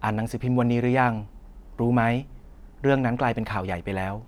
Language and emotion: Thai, neutral